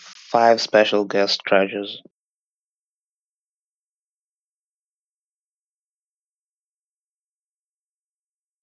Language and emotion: English, disgusted